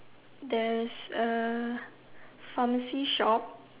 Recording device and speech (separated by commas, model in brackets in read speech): telephone, conversation in separate rooms